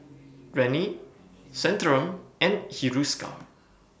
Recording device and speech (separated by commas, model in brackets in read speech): boundary microphone (BM630), read sentence